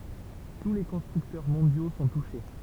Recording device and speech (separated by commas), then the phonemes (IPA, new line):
temple vibration pickup, read sentence
tu le kɔ̃stʁyktœʁ mɔ̃djo sɔ̃ tuʃe